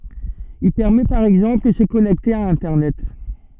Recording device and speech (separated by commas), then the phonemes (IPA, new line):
soft in-ear microphone, read sentence
il pɛʁmɛ paʁ ɛɡzɑ̃pl də sə kɔnɛkte a ɛ̃tɛʁnɛt